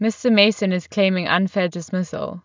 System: none